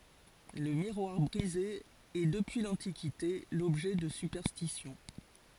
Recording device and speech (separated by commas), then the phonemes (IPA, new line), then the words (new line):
forehead accelerometer, read sentence
lə miʁwaʁ bʁize ɛ dəpyi lɑ̃tikite lɔbʒɛ də sypɛʁstisjɔ̃
Le miroir brisé est depuis l'Antiquité l'objet de superstitions.